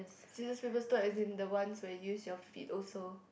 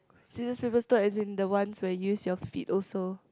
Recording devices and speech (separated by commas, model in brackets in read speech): boundary microphone, close-talking microphone, conversation in the same room